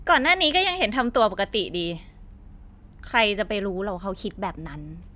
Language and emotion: Thai, frustrated